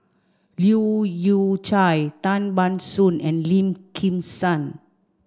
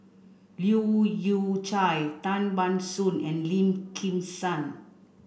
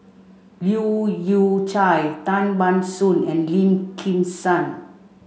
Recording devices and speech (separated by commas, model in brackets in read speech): standing microphone (AKG C214), boundary microphone (BM630), mobile phone (Samsung C5), read sentence